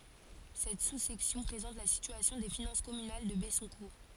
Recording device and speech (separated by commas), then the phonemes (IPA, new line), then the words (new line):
forehead accelerometer, read sentence
sɛt susɛksjɔ̃ pʁezɑ̃t la sityasjɔ̃ de finɑ̃s kɔmynal də bɛsɔ̃kuʁ
Cette sous-section présente la situation des finances communales de Bessoncourt.